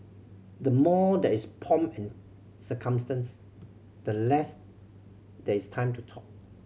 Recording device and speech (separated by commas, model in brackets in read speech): mobile phone (Samsung C7100), read sentence